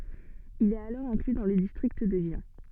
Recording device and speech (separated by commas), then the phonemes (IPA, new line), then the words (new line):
soft in-ear microphone, read sentence
il ɛt alɔʁ ɛ̃kly dɑ̃ lə distʁikt də ʒjɛ̃
Il est alors inclus dans le district de Gien.